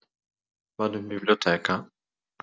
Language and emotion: Italian, sad